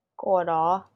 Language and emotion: Thai, sad